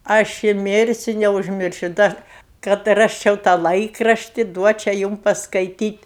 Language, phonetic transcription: Lithuanian, ˈaš i ˈmirsiu neužˈmiršiu ˈdar kad ˈrasčiau tą ˈlaikrašti ˈduočia ˈjūm paskaiˈtyt'

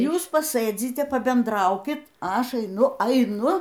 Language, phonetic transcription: Lithuanian, ˈjūs paˈsɘdzite pabenˈdraukit a ˈaš aiˈnu aiˈnu

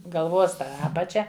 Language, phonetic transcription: Lithuanian, galˈvos ˈapačia

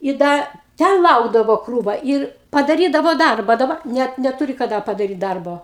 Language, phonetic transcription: Lithuanian, i ˈda ˈten ˈlaukdavo ˈkrūva ˈir padaˈrydavo ˈdarba daˈba ˈnet neˈturi kaˈda padaˈryt ˈdarbo

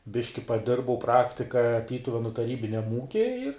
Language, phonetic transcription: Lithuanian, ˈbiški paˈdirbau ˈpraktika ˈtytuvenu taˈrybiniam ˈūky ir

